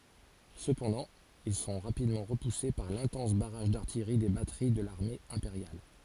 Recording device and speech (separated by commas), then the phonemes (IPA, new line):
forehead accelerometer, read sentence
səpɑ̃dɑ̃ il sɔ̃ ʁapidmɑ̃ ʁəpuse paʁ lɛ̃tɑ̃s baʁaʒ daʁtijʁi de batəʁi də laʁme ɛ̃peʁjal